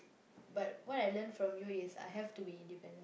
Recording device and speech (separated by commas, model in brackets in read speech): boundary microphone, conversation in the same room